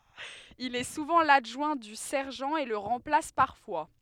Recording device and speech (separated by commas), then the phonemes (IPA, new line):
headset microphone, read sentence
il ɛ suvɑ̃ ladʒwɛ̃ dy sɛʁʒɑ̃ e lə ʁɑ̃plas paʁfwa